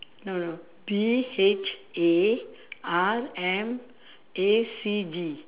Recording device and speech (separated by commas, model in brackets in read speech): telephone, conversation in separate rooms